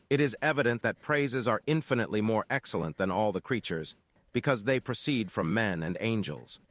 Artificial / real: artificial